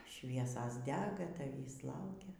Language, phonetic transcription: Lithuanian, ˈšviesas ˈdega taˈvįs ˈlaukia

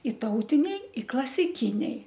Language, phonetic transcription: Lithuanian, ˈi ˈtautiniai i klasiˈkiniai

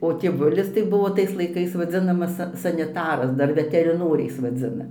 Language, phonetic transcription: Lithuanian, o tėˈvulis tai ˈbuvo ˈtais laiˈkais vaˈdzinamas ˈsa saniˈtaras ˈdar veteriˈnoriais vaˈdzina

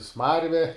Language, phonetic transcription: Lithuanian, ˈsmarve

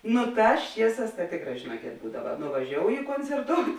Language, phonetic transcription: Lithuanian, ˈnu ˈtās ˈčieˌsās ta ˈtėkˌrā žėˈnuokėt ˈbūdava nuvaˈžiouji koncerˈtout'

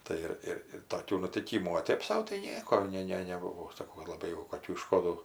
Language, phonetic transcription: Lithuanian, ˈtai ir ˈir ir toˈkių nutiˈkymų o ˈtėp sau tai ˈnieko ˈne ˈne neˈbuvo saˈkau laˈbai jau koˈkių iˈškodų

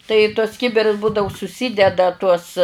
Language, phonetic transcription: Lithuanian, tai į tuos ˈkibirus ˈbūdavu suˈsydeda tuos

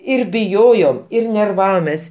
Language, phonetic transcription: Lithuanian, ir biˈjojom ir nerˈvavomes

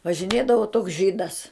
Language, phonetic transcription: Lithuanian, važiˈnėdavo toks ˈžydas

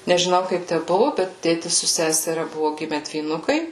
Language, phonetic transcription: Lithuanian, nežiˈnau ˈkaip ˈtæ ˈbuvu ˈbet ˈtėtis su ˈseseria ˈbuvu ˈgime dvyˈnukai

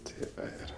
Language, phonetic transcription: Lithuanian, ˈtė ˈir

